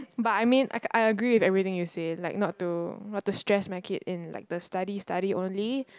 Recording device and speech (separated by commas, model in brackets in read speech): close-talking microphone, conversation in the same room